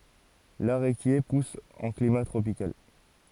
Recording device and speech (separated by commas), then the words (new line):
forehead accelerometer, read sentence
L'aréquier pousse en climat tropical.